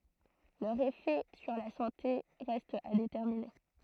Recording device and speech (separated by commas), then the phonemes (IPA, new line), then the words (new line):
throat microphone, read sentence
lœʁz efɛ syʁ la sɑ̃te ʁɛstt a detɛʁmine
Leurs effets sur la santé restent à déterminer.